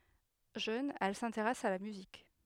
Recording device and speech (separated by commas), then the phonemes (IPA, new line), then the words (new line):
headset microphone, read sentence
ʒøn ɛl sɛ̃teʁɛs a la myzik
Jeune, elle s'intéresse à la musique.